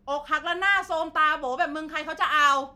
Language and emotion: Thai, angry